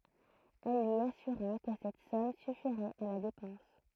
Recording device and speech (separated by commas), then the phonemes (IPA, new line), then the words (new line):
throat microphone, read sentence
ɛl lyi asyʁa kə sɛt sɔm syfiʁɛt a la depɑ̃s
Elle lui assura que cette somme suffirait à la dépense.